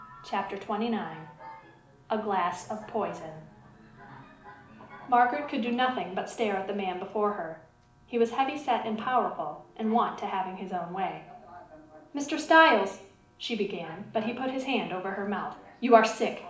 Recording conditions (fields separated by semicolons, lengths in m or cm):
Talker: one person; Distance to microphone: 2.0 m; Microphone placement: close; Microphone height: 99 cm; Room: medium-sized (5.7 m by 4.0 m); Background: television